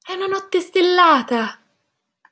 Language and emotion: Italian, happy